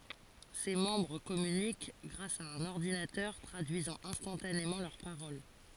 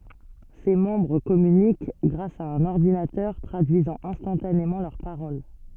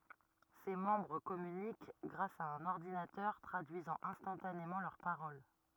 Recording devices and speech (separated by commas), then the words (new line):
forehead accelerometer, soft in-ear microphone, rigid in-ear microphone, read sentence
Ses membres communiquent grâce à un ordinateur traduisant instantanément leurs paroles.